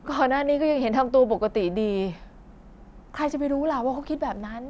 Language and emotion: Thai, frustrated